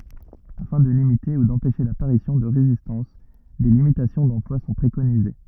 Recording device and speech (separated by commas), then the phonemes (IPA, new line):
rigid in-ear microphone, read sentence
afɛ̃ də limite u dɑ̃pɛʃe lapaʁisjɔ̃ də ʁezistɑ̃s de limitasjɔ̃ dɑ̃plwa sɔ̃ pʁekonize